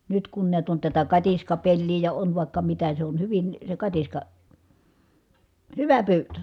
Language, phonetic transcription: Finnish, nyt kun niät on tätä katiskapellii ja on vàikka mitä se on hyvin , se katiska , hyvä pyytö .
- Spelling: nyt kun näet on tätä katiskapeliä ja on vaikka mitä se on hyvin se katiska hyvä pyytö

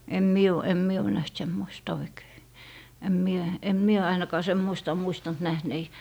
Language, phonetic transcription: Finnish, em 'mie o , em 'mie o näht 'semmoista 'oikei , em 'mie , em 'mie 'ainakaa "semmoista (oo) muistant 'nähnei .
- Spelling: en minä ole en minä ole nähnyt semmoista oikein en minä en minä ainakaan semmoista ole muistanut nähneeni

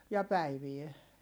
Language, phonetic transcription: Finnish, ja päivie .
- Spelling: ja päivää

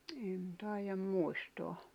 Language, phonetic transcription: Finnish, en 'tài̬jam 'muistoa .
- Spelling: en taida muistaa

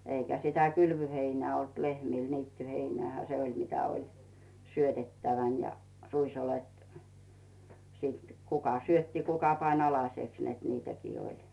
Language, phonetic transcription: Finnish, 'eikä sitä "kylvyheinää olt 'lehmìl "niittyheinᵉä̀hä se 'oĺ mitä 'oĺ , 'syötettävän ja , 'ruisolet , sit , 'kuka "syötti 'kuka pań "alas͕eks net 'niitäkii 'oĺ .
- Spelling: eikä sitä kylvöheinää ollut lehmillä niittyheinäähän se oli mitä oli syötettävänä ja ruisoljet sitten kuka syötti kuka pani alaseksi että niitäkin oli

